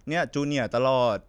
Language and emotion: Thai, frustrated